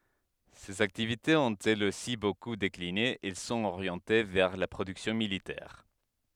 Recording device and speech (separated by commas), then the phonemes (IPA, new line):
headset microphone, read sentence
sez aktivitez ɔ̃t ɛlz osi boku dekline ɛl sɔ̃t oʁjɑ̃te vɛʁ la pʁodyksjɔ̃ militɛʁ